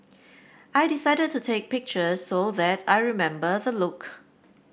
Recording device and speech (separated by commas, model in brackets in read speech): boundary microphone (BM630), read sentence